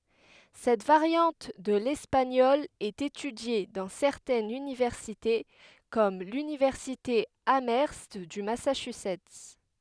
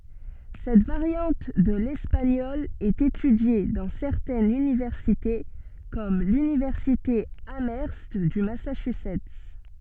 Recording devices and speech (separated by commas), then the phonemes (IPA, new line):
headset microphone, soft in-ear microphone, read sentence
sɛt vaʁjɑ̃t də lɛspaɲɔl ɛt etydje dɑ̃ sɛʁtɛnz ynivɛʁsite kɔm lynivɛʁsite amœʁst dy masaʃyzɛt